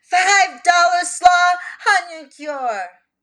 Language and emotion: English, fearful